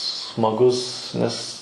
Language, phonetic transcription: Lithuanian, smaˈgus nes

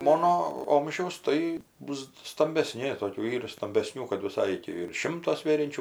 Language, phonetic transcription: Lithuanian, ˈmono ˈomžiaus ˈtai ˈbus stambeˈsni ˈtokių ˈyra stambeˈsnių kad viˈsai ir ˈti virš ˈšimto ˈsvėriančiu

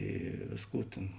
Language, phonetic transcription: Lithuanian, ˈy ˈvėsˌkų tėn

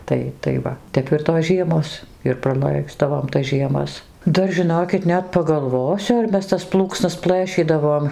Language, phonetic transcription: Lithuanian, ˈtai tai ˈva ˈtep ir tos ˈžiemos ir praˈlaisdavom tas žieˈmas ˈdar žiˈnokit ˈnet pagalˈvosiu ar ˈmes tas ˈplūksnas ˈplɘšydavom

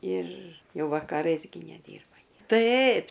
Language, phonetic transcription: Lithuanian, ir ˈjau vakaˈrais gi neˈdyrba nie ˈtaip

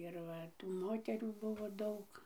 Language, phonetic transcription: Lithuanian, ir ˈva tų ˈmoterių ˈbuvo ˈdaug

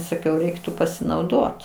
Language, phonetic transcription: Lithuanian, saˈkiau ˈreiktu pasinauˈdot

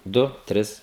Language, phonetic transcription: Lithuanian, ˈdu ˈtris

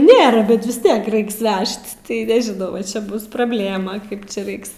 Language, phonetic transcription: Lithuanian, ˈnėra ˈbet vis ˈtiek ˈreiks ˈvežt tai nežiˈnau vaˈčia ˈbus prabˈlėma ˈkaip čia ˈraiks

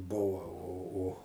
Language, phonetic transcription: Lithuanian, ˈbuva o o

